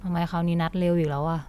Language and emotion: Thai, frustrated